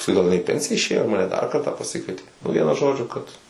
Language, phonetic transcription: Lithuanian, pasˈkui ˈgal iˈnai i pensija išˈėjo maˈne dar ˈkartą paˈsikvieti nu ˈvienu ˈžodžiu kad

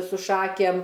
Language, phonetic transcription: Lithuanian, su ˈšakėm

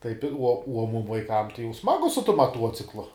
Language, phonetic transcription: Lithuanian, taip ir uo uo mum vaiˈkam tai jau ˈsmagu su tum maˈtuociklu

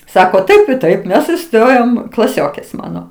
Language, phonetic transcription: Lithuanian, ˈsako ˈtaip i ˈtaip ˈmes iˈstojom klaˈsiokės ˈmano

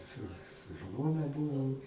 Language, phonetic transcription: Lithuanian, su su ˈžmona ˈbūvom

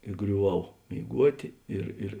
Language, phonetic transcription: Lithuanian, i griuˈvau mėiˈguotė ˈir ir

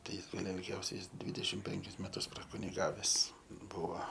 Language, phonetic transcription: Lithuanian, tai ˈjis ˈgal ilˈgiausiai ˈjis ˈdvidešim ˈpenkis meˈtus prakuniˈgaves ˈbuva

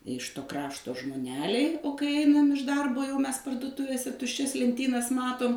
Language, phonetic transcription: Lithuanian, iš to ˈkrašto žmoˈneliai o kai ˈeinam iš ˈdarbo jau ˈmes parduoˈtuvėse tušˈčias lenˈtynas ˈmatum

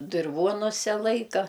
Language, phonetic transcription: Lithuanian, dirˈvonuse ˈlaika

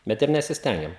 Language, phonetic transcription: Lithuanian, ˈbet ir nesisˈtengiam

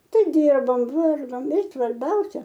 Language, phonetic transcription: Lithuanian, ˈten ˈdirbom ˈvargom i svarˈbiausia

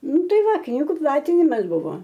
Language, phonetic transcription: Lithuanian, ˈnu ˈtai ˈva ˈknygu ˈplatinimas ˈbuvo

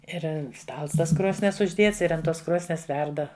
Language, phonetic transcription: Lithuanian, ˈir ˈstals ˈtas ˈkrosnies užˈdėts ir ant ˈtos ˈkrosnies ˈverda

